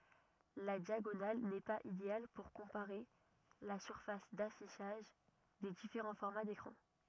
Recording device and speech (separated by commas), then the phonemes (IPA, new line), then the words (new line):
rigid in-ear microphone, read sentence
la djaɡonal nɛ paz ideal puʁ kɔ̃paʁe la syʁfas dafiʃaʒ de difeʁɑ̃ fɔʁma dekʁɑ̃
La diagonale n'est pas idéale pour comparer la surface d'affichage des différents formats d'écrans.